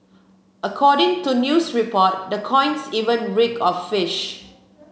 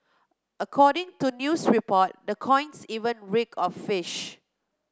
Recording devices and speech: mobile phone (Samsung C7), close-talking microphone (WH30), read sentence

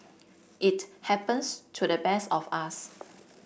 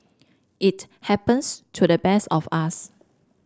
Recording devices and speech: boundary microphone (BM630), standing microphone (AKG C214), read sentence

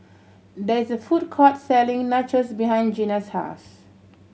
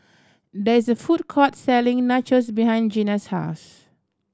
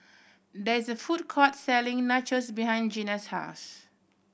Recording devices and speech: mobile phone (Samsung C7100), standing microphone (AKG C214), boundary microphone (BM630), read sentence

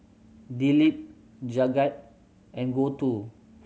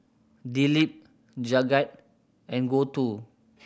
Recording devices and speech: mobile phone (Samsung C7100), boundary microphone (BM630), read sentence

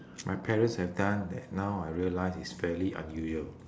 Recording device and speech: standing microphone, conversation in separate rooms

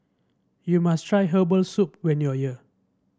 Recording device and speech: standing microphone (AKG C214), read sentence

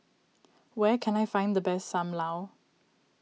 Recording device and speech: mobile phone (iPhone 6), read sentence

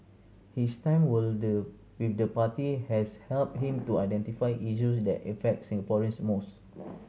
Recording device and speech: mobile phone (Samsung C7100), read sentence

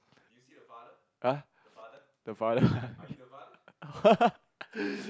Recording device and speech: close-talking microphone, conversation in the same room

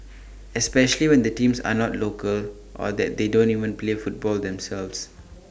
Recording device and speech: standing microphone (AKG C214), read sentence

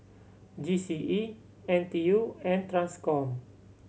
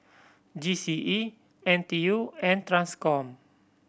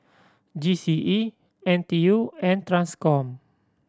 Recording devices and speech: mobile phone (Samsung C7100), boundary microphone (BM630), standing microphone (AKG C214), read sentence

